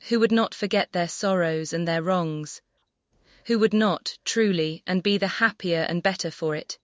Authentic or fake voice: fake